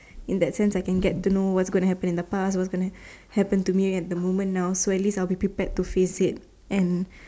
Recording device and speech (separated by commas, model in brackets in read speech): standing microphone, conversation in separate rooms